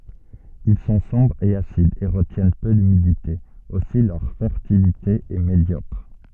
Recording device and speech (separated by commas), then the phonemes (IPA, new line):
soft in-ear microphone, read sentence
il sɔ̃ sɔ̃bʁz e asidz e ʁətjɛn pø lymidite osi lœʁ fɛʁtilite ɛ medjɔkʁ